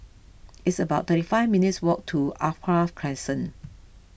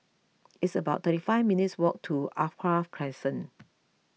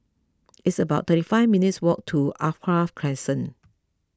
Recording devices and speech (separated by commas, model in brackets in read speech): boundary microphone (BM630), mobile phone (iPhone 6), close-talking microphone (WH20), read sentence